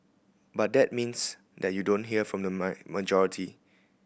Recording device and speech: boundary microphone (BM630), read sentence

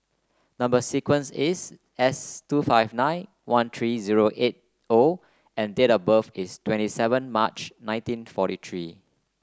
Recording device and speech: close-talking microphone (WH30), read sentence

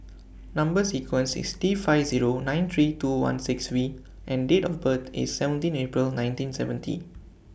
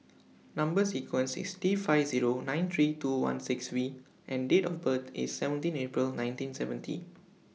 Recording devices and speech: boundary microphone (BM630), mobile phone (iPhone 6), read sentence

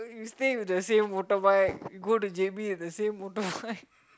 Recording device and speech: close-talking microphone, conversation in the same room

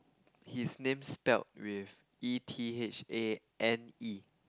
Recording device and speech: close-talking microphone, conversation in the same room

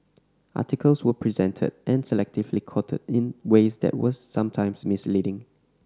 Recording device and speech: standing microphone (AKG C214), read sentence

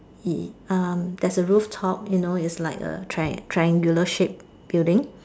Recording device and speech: standing microphone, conversation in separate rooms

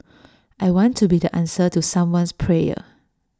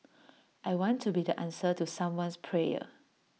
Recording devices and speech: standing microphone (AKG C214), mobile phone (iPhone 6), read sentence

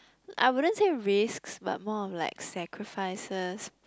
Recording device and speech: close-talking microphone, conversation in the same room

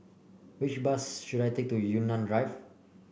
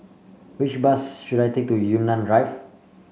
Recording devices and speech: boundary microphone (BM630), mobile phone (Samsung C5), read sentence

